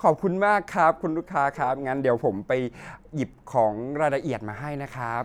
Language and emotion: Thai, happy